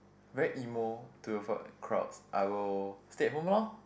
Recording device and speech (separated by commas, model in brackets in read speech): boundary microphone, conversation in the same room